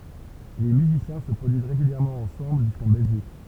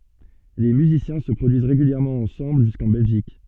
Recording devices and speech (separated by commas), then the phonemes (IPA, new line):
temple vibration pickup, soft in-ear microphone, read sentence
le myzisjɛ̃ sə pʁodyiz ʁeɡyljɛʁmɑ̃ ɑ̃sɑ̃bl ʒyskɑ̃ bɛlʒik